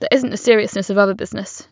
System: none